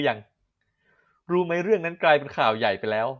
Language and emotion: Thai, neutral